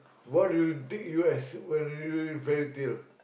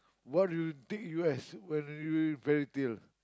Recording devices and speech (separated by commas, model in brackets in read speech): boundary microphone, close-talking microphone, conversation in the same room